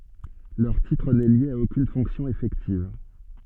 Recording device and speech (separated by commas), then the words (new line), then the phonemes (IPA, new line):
soft in-ear microphone, read sentence
Leur titre n'est lié à aucune fonction effective.
lœʁ titʁ nɛ lje a okyn fɔ̃ksjɔ̃ efɛktiv